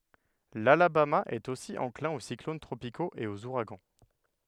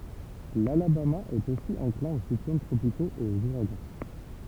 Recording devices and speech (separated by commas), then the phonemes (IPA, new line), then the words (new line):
headset microphone, temple vibration pickup, read sentence
lalabama ɛt osi ɑ̃klɛ̃ o siklon tʁopikoz e oz uʁaɡɑ̃
L'Alabama est aussi enclin aux cyclones tropicaux et aux ouragans.